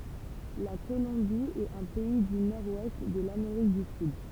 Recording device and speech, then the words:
temple vibration pickup, read sentence
La Colombie est un pays du nord-ouest de l’Amérique du Sud.

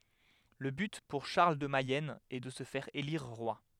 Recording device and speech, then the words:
headset microphone, read sentence
Le but pour Charles de Mayenne est de se faire élire roi.

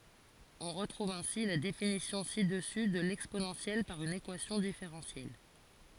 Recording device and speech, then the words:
forehead accelerometer, read sentence
On retrouve ainsi la définition ci-dessus de l'exponentielle par une équation différentielle.

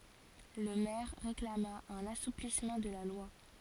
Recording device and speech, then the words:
forehead accelerometer, read sentence
Le maire réclama un assouplissement de la loi.

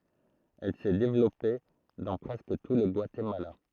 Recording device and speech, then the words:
throat microphone, read sentence
Elle s'est développée dans presque tout le Guatemala.

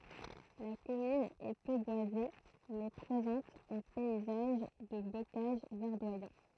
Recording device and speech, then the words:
throat microphone, read sentence
La commune est peu boisée, mais présente un paysage de bocage verdoyant.

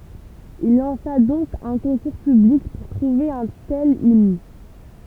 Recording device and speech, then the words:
temple vibration pickup, read sentence
Il lança donc un concours public pour trouver un tel hymne.

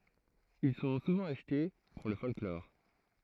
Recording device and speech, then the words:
throat microphone, read sentence
Ils sont souvent achetés pour le folklore.

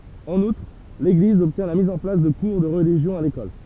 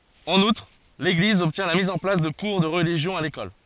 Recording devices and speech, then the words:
temple vibration pickup, forehead accelerometer, read sentence
En outre, l’Église obtient la mise en place de cours de religion à l’école.

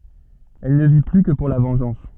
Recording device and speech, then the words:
soft in-ear microphone, read sentence
Elle ne vit plus que pour la vengeance.

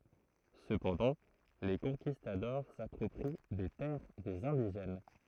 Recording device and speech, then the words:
throat microphone, read sentence
Cependant, les conquistadors s'approprient des terres des indigènes.

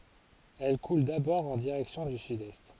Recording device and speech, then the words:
forehead accelerometer, read sentence
Elle coule d'abord en direction du sud-est.

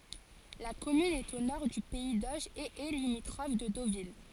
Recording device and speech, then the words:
forehead accelerometer, read sentence
La commune est au nord du pays d'Auge et est limitrophe de Deauville.

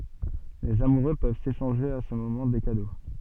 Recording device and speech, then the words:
soft in-ear microphone, read sentence
Les amoureux peuvent s’échanger à ce moment des cadeaux.

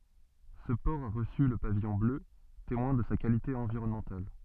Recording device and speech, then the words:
soft in-ear microphone, read sentence
Ce port a reçu le pavillon bleu, témoin de sa qualité environnementale.

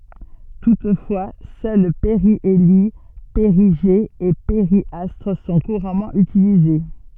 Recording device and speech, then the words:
soft in-ear microphone, read sentence
Toutefois, seuls périhélie, périgée et périastre sont couramment utilisés.

